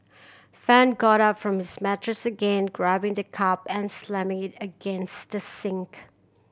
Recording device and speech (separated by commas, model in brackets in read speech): boundary microphone (BM630), read sentence